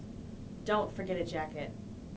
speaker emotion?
neutral